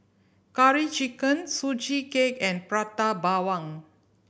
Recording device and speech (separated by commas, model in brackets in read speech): boundary microphone (BM630), read sentence